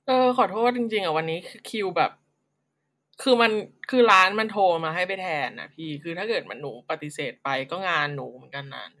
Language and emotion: Thai, frustrated